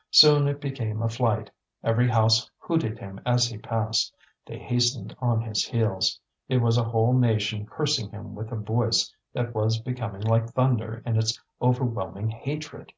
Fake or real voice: real